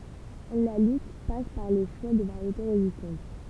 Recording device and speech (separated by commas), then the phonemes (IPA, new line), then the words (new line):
temple vibration pickup, read sentence
la lyt pas paʁ lə ʃwa də vaʁjete ʁezistɑ̃t
La lutte passe par le choix de variétés résistantes.